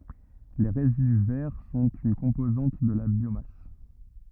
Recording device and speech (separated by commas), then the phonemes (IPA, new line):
rigid in-ear microphone, read sentence
le ʁezidy vɛʁ sɔ̃t yn kɔ̃pozɑ̃t də la bjomas